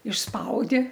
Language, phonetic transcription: Lithuanian, išˈspaudi

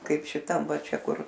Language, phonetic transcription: Lithuanian, ˈkaip šiˈtam ˈva ˈčia ˈkur

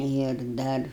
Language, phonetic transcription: Lithuanian, ir ˈdar

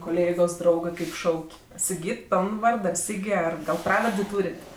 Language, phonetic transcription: Lithuanian, koˈlėgos ˈdraugɜ ˈkaip ˈšauk' siˈgyt ˈpioln ˈvard gal ˈsygi ˈgal ˈpravardė ˈtūrėt'

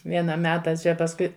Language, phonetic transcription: Lithuanian, ˈviena ˈmeta ˈčia pasˈkui

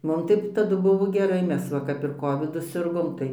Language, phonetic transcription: Lithuanian, ˈmum tai taˈdu ˈbuvo geˈrai ˈmes ˈva kap ir ˈkovidu ˈsirgom ˈtai

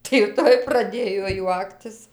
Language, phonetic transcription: Lithuanian, tai jau ˈtoj praˈdėjo ˈjuoktis

